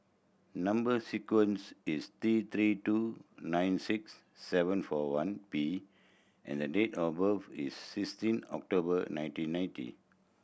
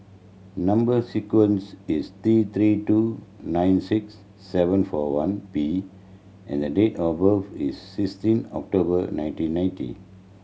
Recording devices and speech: boundary microphone (BM630), mobile phone (Samsung C7100), read sentence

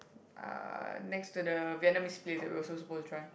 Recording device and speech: boundary microphone, conversation in the same room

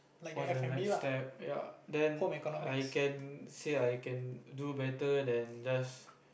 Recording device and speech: boundary microphone, conversation in the same room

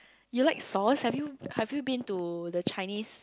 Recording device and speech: close-talking microphone, conversation in the same room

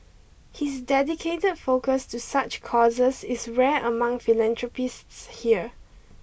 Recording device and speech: boundary microphone (BM630), read sentence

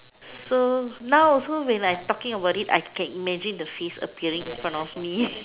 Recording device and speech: telephone, conversation in separate rooms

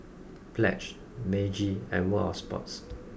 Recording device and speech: boundary microphone (BM630), read sentence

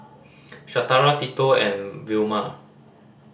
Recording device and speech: standing microphone (AKG C214), read sentence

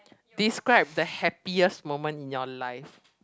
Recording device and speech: close-talking microphone, conversation in the same room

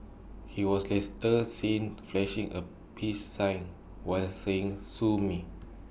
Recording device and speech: boundary microphone (BM630), read sentence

